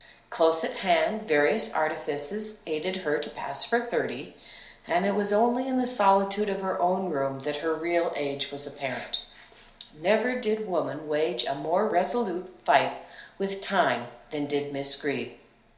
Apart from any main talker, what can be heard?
Nothing.